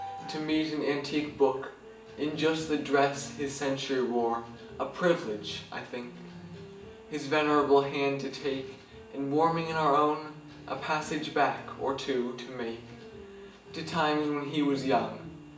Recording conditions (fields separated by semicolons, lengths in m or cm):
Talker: one person; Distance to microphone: 1.8 m; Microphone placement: close; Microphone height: 1.0 m; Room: large; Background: music